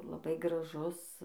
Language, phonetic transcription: Lithuanian, laˈbai graˈžus

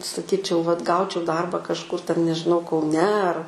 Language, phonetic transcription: Lithuanian, saˈkyčiau vat ˈgaučiau ˈdarba kažˈkur ten nežiˈnau kauˈne ar

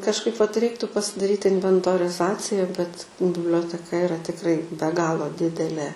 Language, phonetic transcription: Lithuanian, kažˈkaip vat ˈreiktu pasidaˈryt inventoriˈzacija bet biblioteˈka iˈra tikˈrai be ˈgalo ˈdidelė

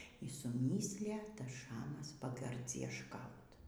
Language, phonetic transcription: Lithuanian, y suˈmyslija ˈtas ˈšamas pagardziešˈkaut

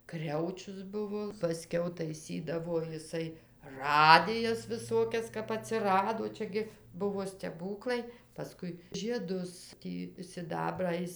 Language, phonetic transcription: Lithuanian, ˈkriaučius ˈbuvo paˈskiau taiˈsydavo jiˈsai ˈradijas viˈsokias kap aˈtsirado ˈčia gi ˈbuvo steˈbūklai paˈskui žieˈdus ˈtį siˈdabrą ˈjis

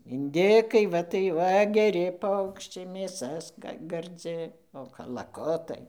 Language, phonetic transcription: Lithuanian, inˈdikai ˈva tai ˈva geˈri ˈpaukščiai mėˈsa ska garˈdzi o kalaˈkutai

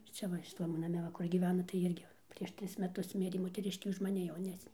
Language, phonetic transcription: Lithuanian, ˈcia va šiˈtam va naˈme ˈva kur gyˈvena tai ˈirgi prieš ˈtris meˈtus ˈmirė moteˈriškė už maˈni jauˈnesnė

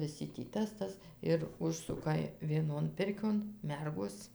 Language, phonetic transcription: Lithuanian, viˈsi tį ˈtas ˈtas ir ˈužsuka vieˈnon ˈpirkion ˈmergos

